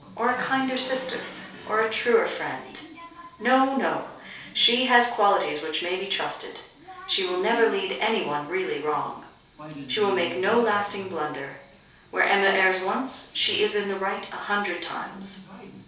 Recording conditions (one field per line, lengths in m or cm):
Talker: one person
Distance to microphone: 3.0 m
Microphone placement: far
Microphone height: 1.8 m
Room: small (3.7 m by 2.7 m)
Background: television